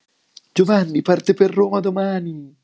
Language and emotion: Italian, happy